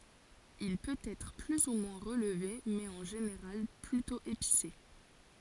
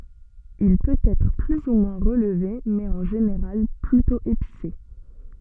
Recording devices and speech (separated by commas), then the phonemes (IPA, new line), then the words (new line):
forehead accelerometer, soft in-ear microphone, read sentence
il pøt ɛtʁ ply u mwɛ̃ ʁəlve mɛz ɑ̃ ʒeneʁal plytɔ̃ epise
Il peut être plus ou moins relevé, mais en général plutôt épicé.